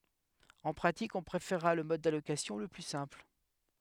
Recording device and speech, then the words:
headset microphone, read sentence
En pratique, on préférera le mode d'allocation le plus simple.

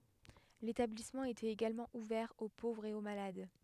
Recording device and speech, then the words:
headset microphone, read sentence
L'établissement était également ouvert aux pauvres et aux malades.

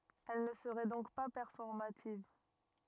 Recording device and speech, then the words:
rigid in-ear microphone, read sentence
Elle ne serait donc pas performative.

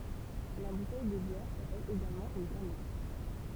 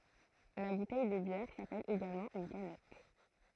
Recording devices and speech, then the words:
temple vibration pickup, throat microphone, read sentence
La bouteille de bière s’appelle également une canette.

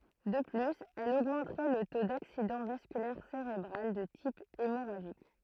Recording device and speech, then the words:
throat microphone, read sentence
De plus, elle augmenterait le taux d'accident vasculaire cérébral de type hémorragique.

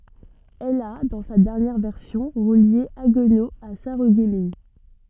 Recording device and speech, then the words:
soft in-ear microphone, read sentence
Elle a, dans sa dernière version, relié Haguenau à Sarreguemines.

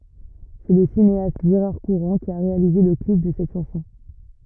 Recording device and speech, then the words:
rigid in-ear microphone, read sentence
C'est le cinéaste Gérard Courant qui a réalisé le clip de cette chanson.

